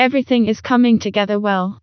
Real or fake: fake